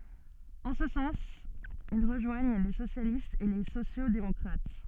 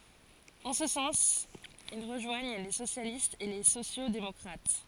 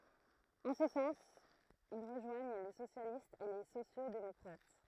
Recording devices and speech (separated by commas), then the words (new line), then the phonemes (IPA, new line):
soft in-ear microphone, forehead accelerometer, throat microphone, read sentence
En ce sens, ils rejoignent les socialistes et les sociaux-démocrates.
ɑ̃ sə sɑ̃s il ʁəʒwaɲ le sosjalistz e le sosjoksdemɔkʁat